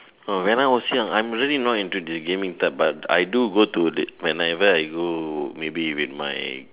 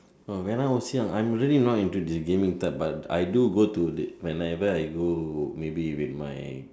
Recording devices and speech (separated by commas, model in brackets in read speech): telephone, standing microphone, conversation in separate rooms